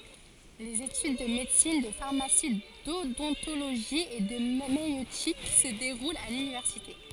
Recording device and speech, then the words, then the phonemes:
forehead accelerometer, read sentence
Les études de médecine, de pharmacie, d'odontologie et de maïeutique se déroulent à l’université.
lez etyd də medəsin də faʁmasi dodɔ̃toloʒi e də majøtik sə deʁult a lynivɛʁsite

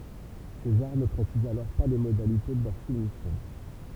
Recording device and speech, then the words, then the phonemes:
temple vibration pickup, read sentence
César ne précise alors pas les modalités de leur soumission.
sezaʁ nə pʁesiz alɔʁ pa le modalite də lœʁ sumisjɔ̃

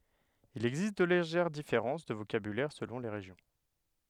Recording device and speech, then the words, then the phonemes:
headset microphone, read sentence
Il existe de légères différences de vocabulaire selon les régions.
il ɛɡzist də leʒɛʁ difeʁɑ̃s də vokabylɛʁ səlɔ̃ le ʁeʒjɔ̃

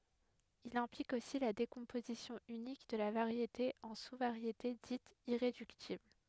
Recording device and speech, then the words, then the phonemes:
headset microphone, read sentence
Il implique aussi la décomposition unique de la variété en sous-variétés dites irréductibles.
il ɛ̃plik osi la dekɔ̃pozisjɔ̃ ynik də la vaʁjete ɑ̃ su vaʁjete ditz iʁedyktibl

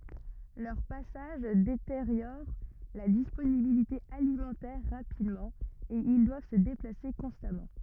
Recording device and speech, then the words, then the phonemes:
rigid in-ear microphone, read sentence
Leurs passages détériorent la disponibilité alimentaire rapidement et ils doivent se déplacer constamment.
lœʁ pasaʒ deteʁjoʁ la disponibilite alimɑ̃tɛʁ ʁapidmɑ̃ e il dwav sə deplase kɔ̃stamɑ̃

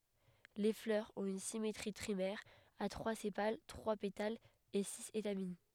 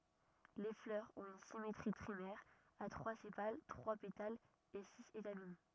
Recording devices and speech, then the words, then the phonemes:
headset microphone, rigid in-ear microphone, read sentence
Les fleurs ont une symétrie trimère, à trois sépales, trois pétales et six étamines.
le flœʁz ɔ̃t yn simetʁi tʁimɛʁ a tʁwa sepal tʁwa petalz e siz etamin

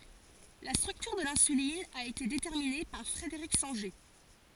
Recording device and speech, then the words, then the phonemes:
forehead accelerometer, read sentence
La structure de l'insuline a été déterminée par Frederick Sanger.
la stʁyktyʁ də lɛ̃sylin a ete detɛʁmine paʁ fʁədəʁik sɑ̃ʒe

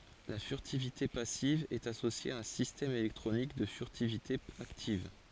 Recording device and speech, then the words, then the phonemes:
forehead accelerometer, read sentence
La furtivité passive est associée à un système électronique de furtivité active.
la fyʁtivite pasiv ɛt asosje a œ̃ sistɛm elɛktʁonik də fyʁtivite aktiv

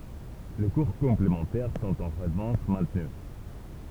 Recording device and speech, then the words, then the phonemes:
temple vibration pickup, read sentence
Les cours complémentaires sont en revanche maintenus.
le kuʁ kɔ̃plemɑ̃tɛʁ sɔ̃t ɑ̃ ʁəvɑ̃ʃ mɛ̃tny

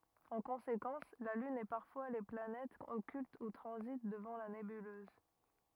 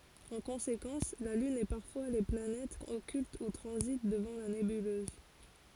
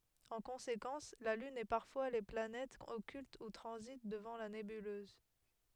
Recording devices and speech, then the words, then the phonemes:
rigid in-ear microphone, forehead accelerometer, headset microphone, read sentence
En conséquence, la Lune et parfois les planètes occultent ou transitent devant la nébuleuse.
ɑ̃ kɔ̃sekɑ̃s la lyn e paʁfwa le planɛtz ɔkylt u tʁɑ̃zit dəvɑ̃ la nebyløz

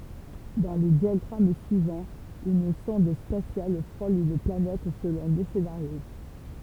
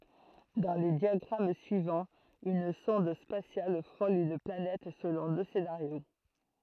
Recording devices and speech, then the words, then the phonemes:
temple vibration pickup, throat microphone, read sentence
Dans les diagrammes suivants, une sonde spatiale frôle une planète selon deux scénarios.
dɑ̃ le djaɡʁam syivɑ̃z yn sɔ̃d spasjal fʁol yn planɛt səlɔ̃ dø senaʁjo

